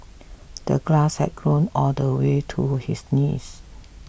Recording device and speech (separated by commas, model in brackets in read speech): boundary microphone (BM630), read sentence